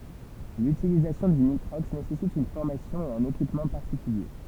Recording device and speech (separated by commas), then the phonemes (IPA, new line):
temple vibration pickup, read sentence
lytilizasjɔ̃ dy nitʁɔks nesɛsit yn fɔʁmasjɔ̃ e œ̃n ekipmɑ̃ paʁtikylje